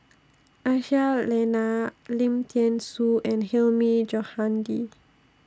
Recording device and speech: standing microphone (AKG C214), read sentence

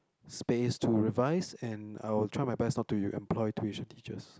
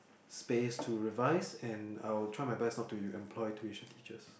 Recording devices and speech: close-talking microphone, boundary microphone, conversation in the same room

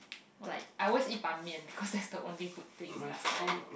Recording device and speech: boundary microphone, conversation in the same room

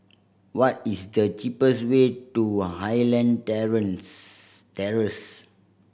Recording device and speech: boundary microphone (BM630), read sentence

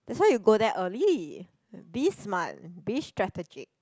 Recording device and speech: close-talking microphone, conversation in the same room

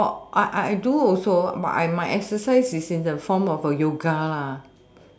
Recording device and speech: standing microphone, conversation in separate rooms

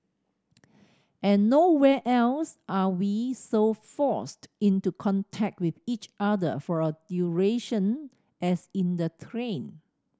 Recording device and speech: standing microphone (AKG C214), read sentence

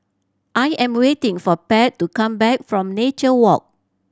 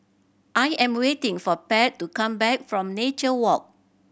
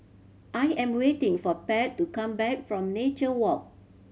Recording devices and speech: standing microphone (AKG C214), boundary microphone (BM630), mobile phone (Samsung C7100), read sentence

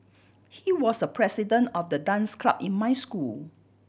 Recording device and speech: boundary microphone (BM630), read sentence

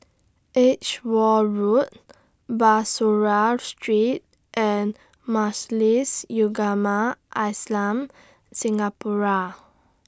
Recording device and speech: standing microphone (AKG C214), read sentence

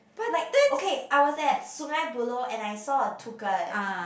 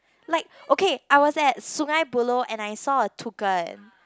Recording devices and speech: boundary microphone, close-talking microphone, conversation in the same room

